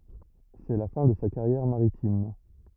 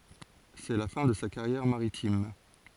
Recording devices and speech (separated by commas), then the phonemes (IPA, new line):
rigid in-ear microphone, forehead accelerometer, read sentence
sɛ la fɛ̃ də sa kaʁjɛʁ maʁitim